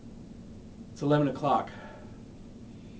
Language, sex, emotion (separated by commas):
English, male, neutral